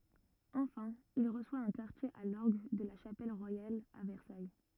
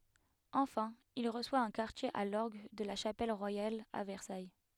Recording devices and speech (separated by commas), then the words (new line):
rigid in-ear microphone, headset microphone, read sentence
Enfin, il reçoit un quartier à l'orgue de la Chapelle royale à Versailles.